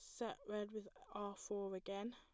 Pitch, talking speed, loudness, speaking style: 205 Hz, 185 wpm, -48 LUFS, plain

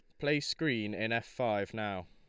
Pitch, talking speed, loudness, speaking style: 110 Hz, 190 wpm, -34 LUFS, Lombard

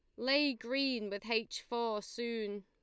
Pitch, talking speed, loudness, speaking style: 235 Hz, 150 wpm, -36 LUFS, Lombard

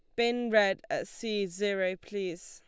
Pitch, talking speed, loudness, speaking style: 200 Hz, 160 wpm, -31 LUFS, Lombard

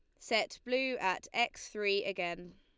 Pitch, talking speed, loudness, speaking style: 200 Hz, 150 wpm, -34 LUFS, Lombard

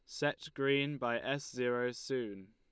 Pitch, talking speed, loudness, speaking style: 125 Hz, 155 wpm, -36 LUFS, Lombard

